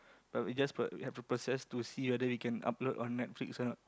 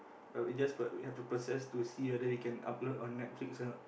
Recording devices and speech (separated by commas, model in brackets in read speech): close-talking microphone, boundary microphone, conversation in the same room